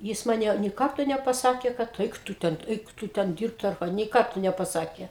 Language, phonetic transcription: Lithuanian, ˈjis ˈmane nė ˈkarto nepaˈsakė kad ˈeik ˈtu ˈten ˈeik ˈtu ˈten ˈdyrbt ar ˈką nei ˈkarto nepaˈsakė

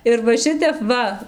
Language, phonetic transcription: Lithuanian, ir va ˈšitep ˈva

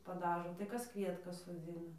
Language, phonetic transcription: Lithuanian, paˈdažo tai ˈkas ˈkvietkas soˈdzina

